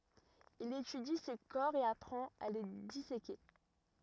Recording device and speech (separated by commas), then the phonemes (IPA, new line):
rigid in-ear microphone, read sentence
il etydi se kɔʁ e apʁɑ̃t a le diseke